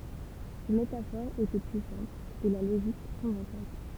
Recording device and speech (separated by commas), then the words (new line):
temple vibration pickup, read sentence
Ces métaphores étaient puissantes, et la logique convaincante.